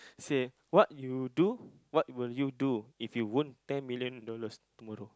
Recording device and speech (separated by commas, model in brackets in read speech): close-talking microphone, conversation in the same room